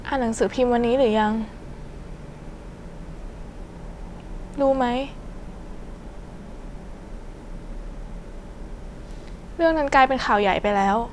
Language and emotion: Thai, sad